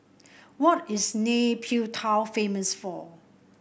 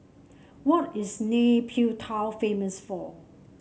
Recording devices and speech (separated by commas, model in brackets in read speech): boundary microphone (BM630), mobile phone (Samsung C7), read sentence